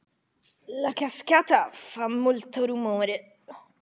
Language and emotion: Italian, disgusted